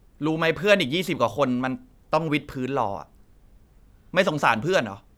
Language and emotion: Thai, frustrated